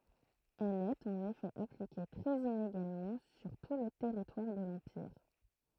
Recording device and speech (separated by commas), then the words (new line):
throat microphone, read sentence
Elle est en effet appliquée très inégalement sur tout le territoire de l'empire.